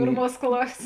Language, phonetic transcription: Lithuanian, ˈpėrˌmuos ˈklasės

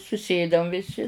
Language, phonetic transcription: Lithuanian, suˈsėdam viˈsi

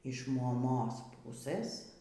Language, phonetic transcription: Lithuanian, iš moˈmos ˈpusɘs

